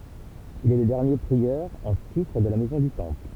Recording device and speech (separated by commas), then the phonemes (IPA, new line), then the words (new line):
temple vibration pickup, read sentence
il ɛ lə dɛʁnje pʁiœʁ ɑ̃ titʁ də la mɛzɔ̃ dy tɑ̃pl
Il est le dernier prieur en titre de la Maison du Temple.